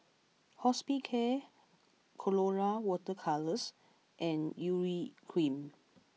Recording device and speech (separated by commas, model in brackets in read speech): mobile phone (iPhone 6), read sentence